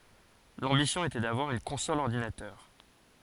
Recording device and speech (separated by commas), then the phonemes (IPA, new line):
forehead accelerometer, read sentence
lɑ̃bisjɔ̃ etɛ davwaʁ yn kɔ̃sɔl ɔʁdinatœʁ